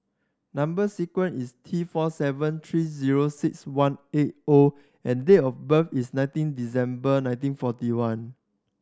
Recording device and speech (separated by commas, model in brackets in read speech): standing microphone (AKG C214), read sentence